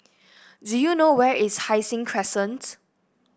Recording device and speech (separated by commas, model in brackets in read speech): boundary microphone (BM630), read sentence